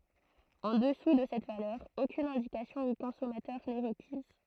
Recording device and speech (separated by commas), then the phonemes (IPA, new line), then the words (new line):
throat microphone, read sentence
ɑ̃ dəsu də sɛt valœʁ okyn ɛ̃dikasjɔ̃ o kɔ̃sɔmatœʁ nɛ ʁəkiz
En dessous de cette valeur, aucune indication au consommateur n'est requise.